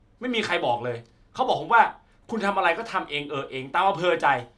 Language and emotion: Thai, angry